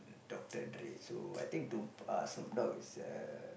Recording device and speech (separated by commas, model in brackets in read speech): boundary microphone, conversation in the same room